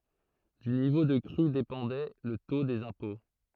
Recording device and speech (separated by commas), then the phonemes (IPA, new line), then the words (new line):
throat microphone, read sentence
dy nivo də kʁy depɑ̃dɛ lə to dez ɛ̃pɔ̃
Du niveau de crue dépendait le taux des impôts.